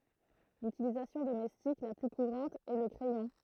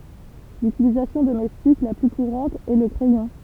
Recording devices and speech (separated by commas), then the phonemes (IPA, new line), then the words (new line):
throat microphone, temple vibration pickup, read sentence
lytilizasjɔ̃ domɛstik la ply kuʁɑ̃t ɛ lə kʁɛjɔ̃
L'utilisation domestique la plus courante est le crayon.